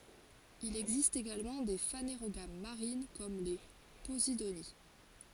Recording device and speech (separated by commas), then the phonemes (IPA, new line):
forehead accelerometer, read sentence
il ɛɡzist eɡalmɑ̃ de faneʁoɡam maʁin kɔm le pozidoni